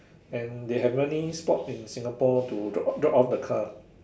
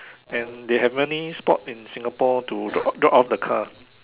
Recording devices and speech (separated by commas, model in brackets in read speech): standing microphone, telephone, conversation in separate rooms